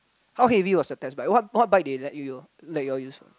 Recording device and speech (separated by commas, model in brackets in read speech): close-talking microphone, conversation in the same room